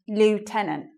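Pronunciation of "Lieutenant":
'Lieutenant' is said with the American English pronunciation, not the British one.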